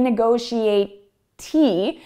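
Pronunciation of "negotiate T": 'Negotiate' is pronounced incorrectly here: it ends in an E sound instead of a T sound.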